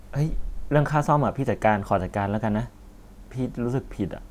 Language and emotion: Thai, sad